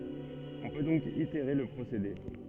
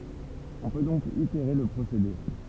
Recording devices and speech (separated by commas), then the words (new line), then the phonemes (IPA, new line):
soft in-ear microphone, temple vibration pickup, read sentence
On peut donc itérer le procédé.
ɔ̃ pø dɔ̃k iteʁe lə pʁosede